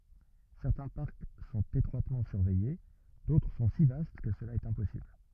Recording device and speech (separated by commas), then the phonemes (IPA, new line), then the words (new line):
rigid in-ear microphone, read sentence
sɛʁtɛ̃ paʁk sɔ̃t etʁwatmɑ̃ syʁvɛje dotʁ sɔ̃ si vast kə səla ɛt ɛ̃pɔsibl
Certains parcs sont étroitement surveillés, d'autres sont si vastes que cela est impossible.